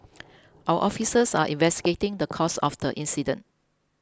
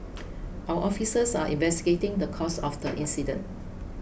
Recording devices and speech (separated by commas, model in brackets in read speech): close-talking microphone (WH20), boundary microphone (BM630), read sentence